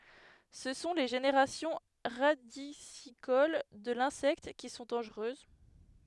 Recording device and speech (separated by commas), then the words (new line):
headset microphone, read sentence
Ce sont les générations radicicoles de l'insecte qui sont dangereuses.